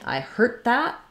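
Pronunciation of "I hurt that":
In 'I hurt that', the t at the end of 'hurt' is unreleased, and the vowel in 'hurt' is shortened.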